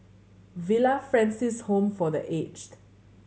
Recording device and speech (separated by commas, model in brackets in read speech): mobile phone (Samsung C7100), read sentence